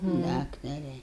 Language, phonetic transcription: Lithuanian, ˈdaktare

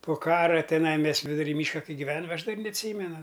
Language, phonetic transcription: Lithuanian, po ˈkara teˈnai ˈmes viduˈry ˈmyška ˈkai giˈvenam ˈaš dar' neatˈsymenu

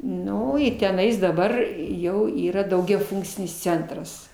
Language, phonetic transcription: Lithuanian, ˈnu i teˈnais daˈbar ˈjau ˈyra daugiaˈfunkcinis ˈcentras

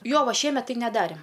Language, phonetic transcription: Lithuanian, ˈjo ˈva ˈšiemetˈ tai neˈdarėm

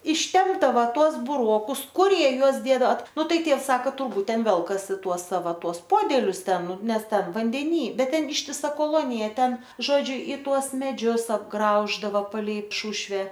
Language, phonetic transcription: Lithuanian, išˈtempdava ˈtuos buˈrokus ˈkur ˈjie ˈjuos ˈdėdava ˈnu ˈtai ˈtievs ˈsaka turˈbūt ˈten ˈvelkasi ˈtuos ˈsava ˈtuos ˈpodelius ˈten ˈnu ˈnes ˈten vandeˈny ˈbet ˈten ištiˈsa koˈlonija ˈten ˈžodžiu i ˈtuos meˈdžius apˈgrauždava paˈlei ˈšušve

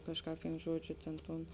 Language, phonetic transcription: Lithuanian, ˈkažˌkāp vin ˈžuodžiu ˈtėn ˈtūn

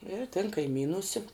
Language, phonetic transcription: Lithuanian, ir tin kaiˈmynūse

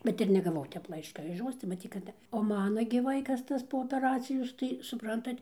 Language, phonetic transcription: Lithuanian, ˈbet ir negaˈvau ˈtep ˈlaiška iš ˈjos tai maˈtyt kad o ˈmana gi ˈvaikas ˈtas po opeˈracijos tai suˈprantat

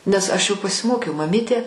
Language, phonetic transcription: Lithuanian, nes ˈaš jau pasiˈmokiau maˈmytė

